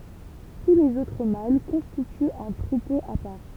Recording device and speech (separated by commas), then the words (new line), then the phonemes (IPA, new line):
temple vibration pickup, read sentence
Tous les autres mâles constituent un troupeau à part.
tu lez otʁ mal kɔ̃stityt œ̃ tʁupo a paʁ